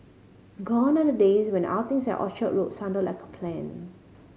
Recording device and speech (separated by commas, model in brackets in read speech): mobile phone (Samsung C5010), read sentence